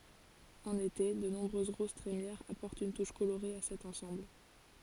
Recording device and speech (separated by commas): forehead accelerometer, read sentence